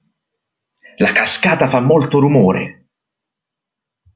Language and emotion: Italian, angry